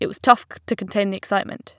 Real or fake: real